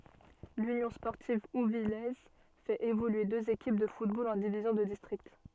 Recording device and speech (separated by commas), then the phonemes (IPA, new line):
soft in-ear microphone, read sentence
lynjɔ̃ spɔʁtiv uvijɛz fɛt evolye døz ekip də futbol ɑ̃ divizjɔ̃ də distʁikt